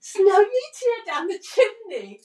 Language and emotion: English, happy